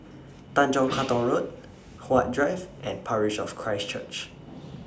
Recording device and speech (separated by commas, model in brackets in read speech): standing microphone (AKG C214), read sentence